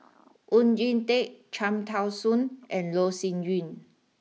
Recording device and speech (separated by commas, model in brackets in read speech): mobile phone (iPhone 6), read sentence